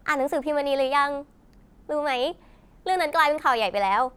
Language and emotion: Thai, happy